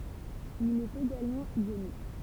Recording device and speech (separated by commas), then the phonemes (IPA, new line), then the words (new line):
temple vibration pickup, read sentence
il ɛt eɡalmɑ̃ jonik
Il est également ionique.